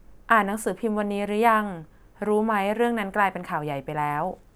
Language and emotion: Thai, neutral